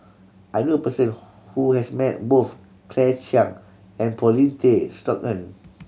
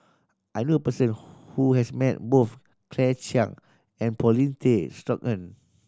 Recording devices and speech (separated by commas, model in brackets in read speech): mobile phone (Samsung C7100), standing microphone (AKG C214), read sentence